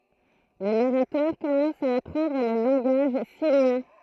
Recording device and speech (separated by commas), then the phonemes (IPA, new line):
throat microphone, read sentence
lə naʁatœʁ kɔmɑ̃s a apʁɑ̃dʁ lə lɑ̃ɡaʒ simjɛ̃